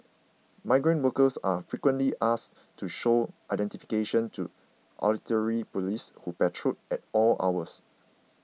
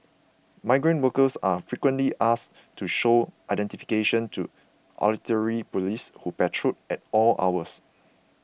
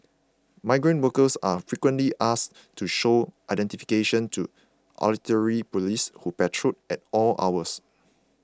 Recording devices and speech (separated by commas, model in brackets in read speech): mobile phone (iPhone 6), boundary microphone (BM630), close-talking microphone (WH20), read sentence